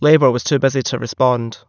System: none